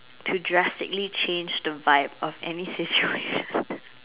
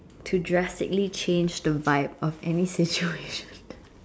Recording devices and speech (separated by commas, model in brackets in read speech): telephone, standing microphone, conversation in separate rooms